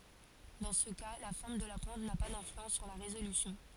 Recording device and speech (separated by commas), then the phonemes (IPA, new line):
forehead accelerometer, read sentence
dɑ̃ sə ka la fɔʁm də la pwɛ̃t na pa dɛ̃flyɑ̃s syʁ la ʁezolysjɔ̃